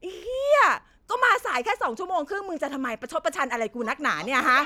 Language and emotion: Thai, angry